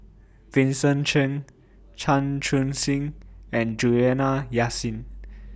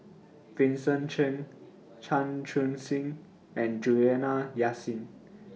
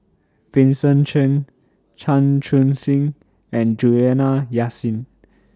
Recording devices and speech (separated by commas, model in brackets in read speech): boundary microphone (BM630), mobile phone (iPhone 6), standing microphone (AKG C214), read sentence